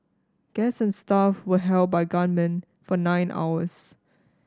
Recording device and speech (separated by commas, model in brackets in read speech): standing microphone (AKG C214), read sentence